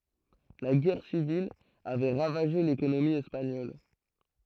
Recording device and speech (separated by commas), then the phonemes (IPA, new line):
throat microphone, read sentence
la ɡɛʁ sivil avɛ ʁavaʒe lekonomi ɛspaɲɔl